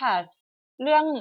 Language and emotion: Thai, neutral